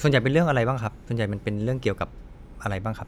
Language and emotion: Thai, neutral